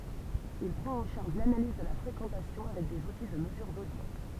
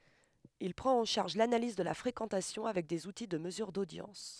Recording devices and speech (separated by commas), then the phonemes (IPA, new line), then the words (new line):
temple vibration pickup, headset microphone, read sentence
il pʁɑ̃t ɑ̃ ʃaʁʒ lanaliz də la fʁekɑ̃tasjɔ̃ avɛk dez uti də məzyʁ dodjɑ̃s
Il prend en charge l'analyse de la fréquentation avec des outils de mesure d'audience.